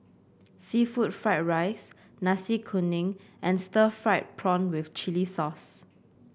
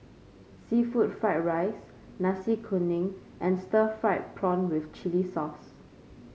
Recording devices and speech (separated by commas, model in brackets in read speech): boundary microphone (BM630), mobile phone (Samsung C5), read sentence